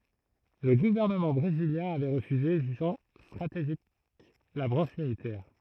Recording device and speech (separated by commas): throat microphone, read sentence